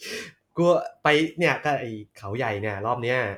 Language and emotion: Thai, happy